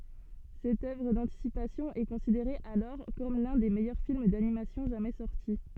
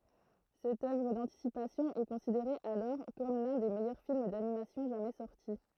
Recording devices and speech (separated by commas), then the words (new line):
soft in-ear microphone, throat microphone, read sentence
Cette œuvre d'anticipation est considérée alors comme l'un des meilleurs films d'animation jamais sorti.